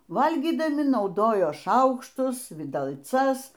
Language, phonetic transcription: Lithuanian, ˈvalgydami nauˈdojo ˈšaukštus vidalˈcas

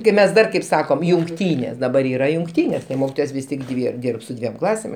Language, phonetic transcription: Lithuanian, kai ˈmes ˈdar kaip ˈsakom jungˈtynės daˈbar ˈyra jungˈtynės ˈmokitojos ˈvis tik ˈdvi ˈdyrb su ˈdviem ˈklasėm

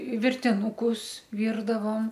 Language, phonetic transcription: Lithuanian, virtinūˈkus ˈvyrdavom

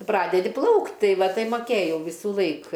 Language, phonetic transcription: Lithuanian, ˈpradedi ˈplaukt' ˈtai ˈva ˈtai maˈkėjau ˈvysulaik

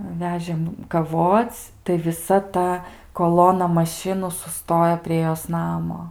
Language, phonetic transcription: Lithuanian, ˈvežėm kaˈvoc' tai viˈsa ˈta koˈlona maˈšinų suˈstojo prie ˈjos ˈnamo

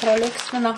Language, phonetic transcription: Lithuanian, praˈlinksmina

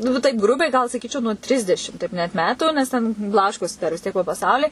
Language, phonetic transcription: Lithuanian, ˈnu va taip ˈgrubiai gal saˈkyčiau nuo ˈtrisdešim ˈteip net ˈmetų nes ˈten ˈblaškosi dar vis ˈtiek po paˈsaulį

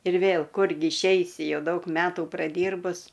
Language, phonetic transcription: Lithuanian, ir ˈvėl ˈkurgi išˈeisi ˈjau ˈdaug ˈmetų praˈdyrbus

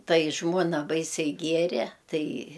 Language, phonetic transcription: Lithuanian, ˈtai ˈžmuona ˈbaisiai ˈgiere ˈtai

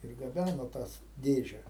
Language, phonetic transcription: Lithuanian, ir gaˈbæno ˈtas ˈdėže

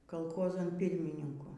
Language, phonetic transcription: Lithuanian, kalˈchozan ˈpirmininku

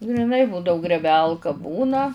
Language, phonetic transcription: Lithuanian, griˈnai ˈbūdau grėˈbelka ˈbūna

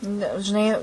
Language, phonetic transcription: Lithuanian, ˈne žiˈnai

